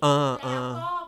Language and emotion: Thai, frustrated